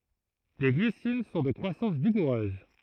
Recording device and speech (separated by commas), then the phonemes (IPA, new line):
throat microphone, read sentence
le ɡlisin sɔ̃ də kʁwasɑ̃s viɡuʁøz